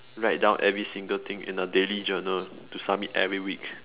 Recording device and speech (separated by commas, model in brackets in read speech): telephone, conversation in separate rooms